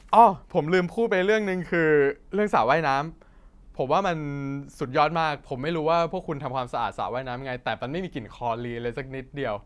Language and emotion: Thai, happy